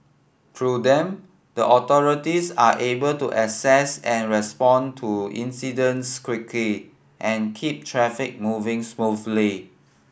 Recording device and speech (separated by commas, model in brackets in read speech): boundary microphone (BM630), read sentence